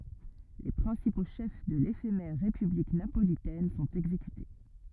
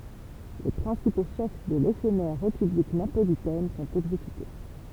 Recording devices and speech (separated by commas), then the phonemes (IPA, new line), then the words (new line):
rigid in-ear microphone, temple vibration pickup, read sentence
le pʁɛ̃sipo ʃɛf də lefemɛʁ ʁepyblik napolitɛn sɔ̃t ɛɡzekyte
Les principaux chefs de l'éphémère république napolitaine sont exécutés.